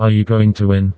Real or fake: fake